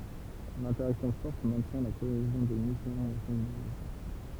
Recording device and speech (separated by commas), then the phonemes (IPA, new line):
temple vibration pickup, read sentence
lɛ̃tɛʁaksjɔ̃ fɔʁt mɛ̃tjɛ̃ la koezjɔ̃ de nykleɔ̃z o sɛ̃ dy nwajo